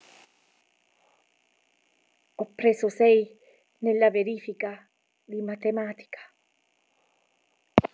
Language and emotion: Italian, fearful